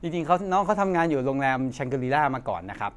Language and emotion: Thai, neutral